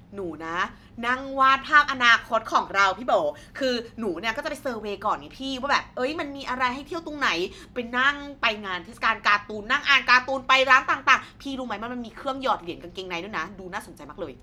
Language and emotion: Thai, happy